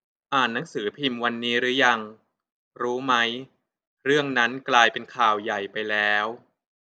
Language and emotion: Thai, neutral